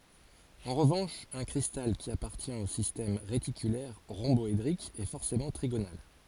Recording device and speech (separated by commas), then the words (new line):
forehead accelerometer, read sentence
En revanche, un cristal qui appartient au système réticulaire rhomboédrique est forcément trigonal.